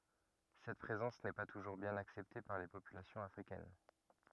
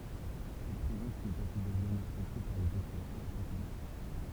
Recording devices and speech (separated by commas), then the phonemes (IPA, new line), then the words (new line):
rigid in-ear microphone, temple vibration pickup, read sentence
sɛt pʁezɑ̃s nɛ pa tuʒuʁ bjɛ̃n aksɛpte paʁ le popylasjɔ̃z afʁikɛn
Cette présence n'est pas toujours bien acceptée par les populations africaines.